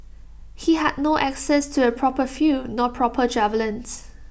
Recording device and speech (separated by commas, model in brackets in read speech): boundary microphone (BM630), read sentence